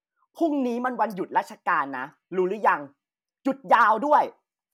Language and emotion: Thai, angry